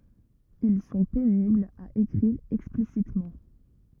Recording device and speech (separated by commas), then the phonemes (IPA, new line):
rigid in-ear microphone, read sentence
il sɔ̃ peniblz a ekʁiʁ ɛksplisitmɑ̃